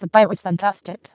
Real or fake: fake